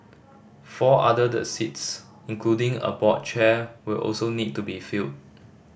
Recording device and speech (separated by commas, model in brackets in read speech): boundary microphone (BM630), read sentence